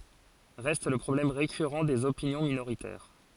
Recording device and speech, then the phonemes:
forehead accelerometer, read sentence
ʁɛst lə pʁɔblɛm ʁekyʁɑ̃ dez opinjɔ̃ minoʁitɛʁ

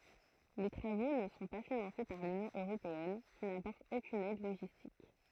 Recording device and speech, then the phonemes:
throat microphone, read sentence
le tʁavo nə sɔ̃ pa finɑ̃se paʁ lynjɔ̃ øʁopeɛn ki napɔʁt okyn ɛd loʒistik

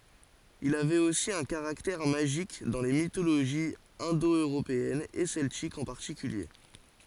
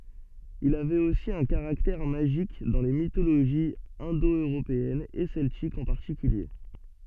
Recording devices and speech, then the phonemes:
forehead accelerometer, soft in-ear microphone, read sentence
il avɛt osi œ̃ kaʁaktɛʁ maʒik dɑ̃ le mitoloʒiz ɛ̃do øʁopeɛnz e sɛltikz ɑ̃ paʁtikylje

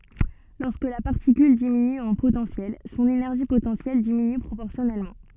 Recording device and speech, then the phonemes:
soft in-ear microphone, read sentence
lɔʁskə la paʁtikyl diminy ɑ̃ potɑ̃sjɛl sɔ̃n enɛʁʒi potɑ̃sjɛl diminy pʁopɔʁsjɔnɛlmɑ̃

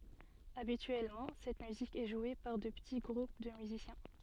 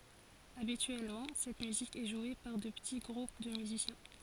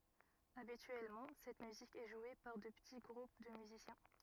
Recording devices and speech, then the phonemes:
soft in-ear microphone, forehead accelerometer, rigid in-ear microphone, read sentence
abityɛlmɑ̃ sɛt myzik ɛ ʒwe paʁ də pəti ɡʁup də myzisjɛ̃

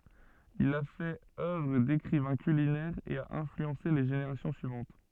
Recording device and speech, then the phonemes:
soft in-ear microphone, read sentence
il a fɛt œvʁ dekʁivɛ̃ kylinɛʁ e a ɛ̃flyɑ̃se le ʒeneʁasjɔ̃ syivɑ̃t

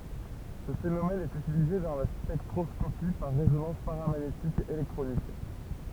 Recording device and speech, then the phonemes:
temple vibration pickup, read sentence
sə fenomɛn ɛt ytilize dɑ̃ la spɛktʁɔskopi paʁ ʁezonɑ̃s paʁamaɲetik elɛktʁonik

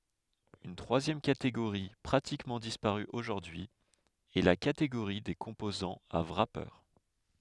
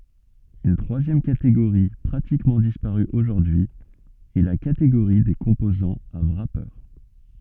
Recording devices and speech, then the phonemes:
headset microphone, soft in-ear microphone, read sentence
yn tʁwazjɛm kateɡoʁi pʁatikmɑ̃ dispaʁy oʒuʁdyi ɛ la kateɡoʁi de kɔ̃pozɑ̃z a wʁape

